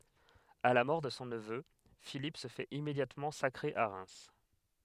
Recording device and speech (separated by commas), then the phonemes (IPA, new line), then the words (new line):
headset microphone, read sentence
a la mɔʁ də sɔ̃ nəvø filip sə fɛt immedjatmɑ̃ sakʁe a ʁɛm
À la mort de son neveu, Philippe se fait immédiatement sacrer à Reims.